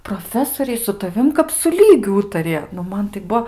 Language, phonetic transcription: Lithuanian, proˈfesoriai su taˈvim kap su ˈlygiu ˈūtarija nu ˈman tai ˈbuo

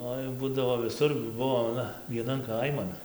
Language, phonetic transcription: Lithuanian, ˈoi ˈbūdavo viˈsur jų ˈbuvo aˈna vieˈnan ˈkaiman

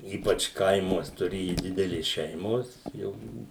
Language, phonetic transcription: Lithuanian, ˈypač ˈkaimuos tuˈrėju ˈdidelės ˈšeimos ˈjau ˈbuvu

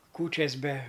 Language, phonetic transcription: Lithuanian, ˈkūčias be

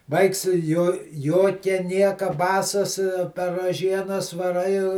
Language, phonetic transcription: Lithuanian, ˈvaiks ˈjo ˈjokia ˈnieka ˈbasas per raˈžienas vaˈrai

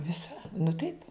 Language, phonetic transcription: Lithuanian, ˈvisa nu taip

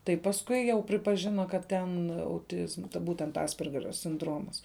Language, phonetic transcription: Lithuanian, tai pasˈkui ˈjau pripaˈžina kad ˈten auˈtizma ˈbūtent ˈaspergerio sinˈdromas

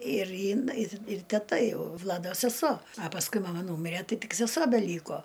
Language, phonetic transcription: Lithuanian, ir in i ir teˈta ˈjau ˈvlado seˈso a pasˈkui maˈma ˈnūmire ˈtai ˈtik seˈsuo beˈlyko

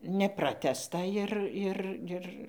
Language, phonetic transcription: Lithuanian, neˈpratęsta ir ˈir ˈir

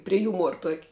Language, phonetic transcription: Lithuanian, prie ˈjūmuor tuok'

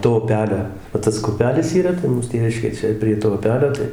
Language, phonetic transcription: Lithuanian, to uˈpelio va ˈtas ku uˈpelis yˈra tai ˈmūs ˈtėviškė ˈčia prie to uˈpelio ˈtai

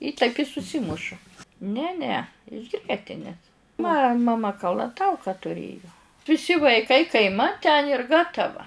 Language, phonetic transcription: Lithuanian, i taip i suˈsimušu ˈne ne iš ˈgrietinės ma ma ˈma kalaˈtauka tuˈrėju viˈsi vaiˈkai kaiˈmat ten ir ˈgatava

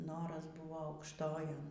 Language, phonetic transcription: Lithuanian, ˈnoras ˈbūvo aukšˈtojon

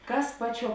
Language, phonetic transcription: Lithuanian, ˈkas ˈpaˌčiuo

